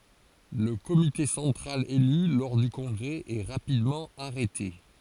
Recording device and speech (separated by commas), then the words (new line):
forehead accelerometer, read sentence
Le comité central élu lors du congrès est rapidement arrêté.